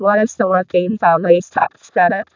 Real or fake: fake